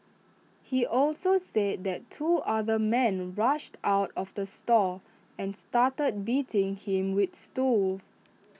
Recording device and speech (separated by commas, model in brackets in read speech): mobile phone (iPhone 6), read sentence